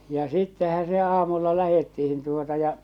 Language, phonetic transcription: Finnish, ja sittehä se 'aamulla 'lähettihin tuota ja .
- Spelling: ja sittenhän se aamulla lähdettiin tuota ja

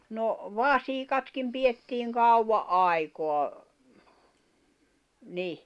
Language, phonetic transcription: Finnish, no , "vasikatkim 'piʲettiiŋ 'kauwva’ "’àikoa , 'ni .
- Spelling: no vasikatkin pidettiin kauan aikaa niin

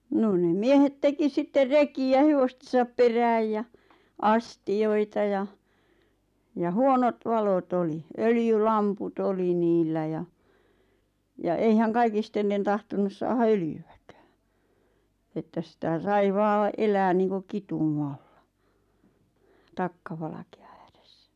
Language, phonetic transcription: Finnish, 'noon nem "miehet 'teki sitter 'reki₍ä 'hevostesap perääj ja , "astijoita ja , ja "huonot 'valo't ‿oli , "öljy'lampu't ‿oli niillä ja , ja 'eihäŋ 'kaikistellen 'tahtonus saaha "öljy₍ᴀ̈kᴀ̈ᴀ̈ , että sⁱtä "sai 'vaa , 'elää niiŋku "kitù'maʟʟᴀ , 'takkavalakᴇ₍ᴀ ᴀ̈ᴀ̈ʀᴇssᴀ̈ .
- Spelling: no ne miehet teki sitten rekiä hevostensa perään ja astioita ja ja huonot valot oli öljylamput oli niillä ja ja eihän kaikille tahtonut saada öljyäkään että sitä sai vain elää niin kuin kitumalla takkavalkean ääressä

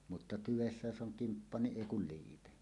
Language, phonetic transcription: Finnish, mutta 'tyvessä 'jos 'ˀoŋ "kimppa niˀ "ˀèi kul 'liipe .
- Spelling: mutta tyvessä jos on kimppa niin ei kuin liipe

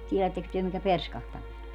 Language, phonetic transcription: Finnish, 'tielätteks työ mitä "perskahtaminen ‿o ?
- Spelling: tiedättekös te mitä perskahtaminen on

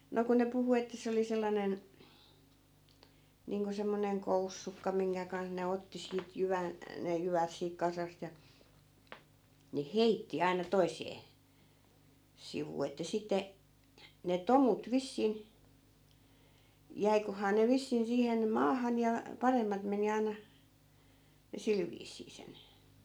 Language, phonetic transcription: Finnish, 'no ku ne 'puhu että 'se oli sellanen , 'niiŋko semmoneŋ "koussukka 'miŋkä kanh ne 'otti siit 'jyvän , ne 'jyvät siik 'kasast ja , ne "heitti 'aina 'toisee , 'sivuu että 'sitte , ne "tomut 'vissin , 'jäikohaa ne 'vissin 'siihen "maahan ja , 'paremmat meni 'ai̮na , ja 'sil viis̀ii sen ,.
- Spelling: no kun ne puhui että se oli sellainen niin kuin semmoinen koussukka minkä kanssa ne otti siitä jyvän ne jyvät siitä kasasta ja ne heitti aina toiseen sivuun että sitten ne tomut vissiin jäiköhän ne vissiin siihen maahan ja paremmat meni aina ja sillä viisiin sen

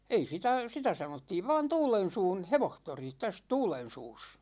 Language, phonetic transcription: Finnish, 'ei sitä , 'sitä 'sanottiiv van "Tuulen̬suun̬ "hevohtori , täs 'Tuulen̬suus .
- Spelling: ei sitä sitä sanottiin vain Tuulensuun hevostori tässä Tuulensuussa

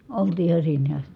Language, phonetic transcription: Finnish, oltii iha sinne ast(i) .
- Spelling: oltiin ihan sinne asti

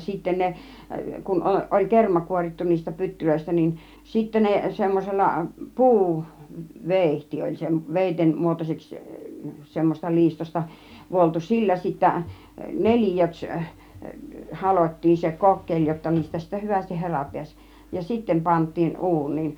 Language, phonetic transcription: Finnish, sitten 'ne , kun 'o- , oĺ 'kerma 'kuorittu niistä 'pyttylöistä niin , 'sittä ne 'semmosella , "puu , "vèihti oĺ sem- , 'vèitem 'muotos͕eks , 'semmoseˢta "liistosta 'vuoltu , "sillä sittä , "nel͕ijöks , 'halot́̆tiin se 'kokkeĺ jotta 'niistä sittä "hyvästih 'herà pi̬äś , ja 'sittem 'pant̆tiin "uun̆niin .
- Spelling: sitten ne kun - oli kerma kuorittu niistä pytyistä niin sitten ne semmoisella - puuveitsi oli - veitsen muotoiseksi semmoisesta liistosta vuoltu sillä sitten neliöksi halottiin se kokkeli jotta niistä sitten hyvästi hera pääsi ja sitten pantiin uuniin

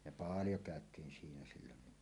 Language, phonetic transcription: Finnish, ja "paaljo 'kä̀öt̀iin siinä 'sillonni .
- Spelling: ja paljon käytiin siinä silloin

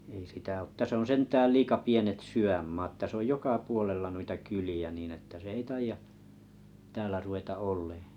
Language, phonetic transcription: Finnish, ei sitä ot 'täs ‿on 'sentääl "liika 'pienet "sy₍ämmaat täs ‿oj 'joka 'puolella nuita 'kyli₍ä niin ‿että 'se ei 'taija , 'täälä ruveta 'ollᴇᴇ .
- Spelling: ei sitä ole tässä on sentään liian pienet sydänmaat tässä on joka puolella noita kyliä niin että se ei taida täällä ruveta olemaan

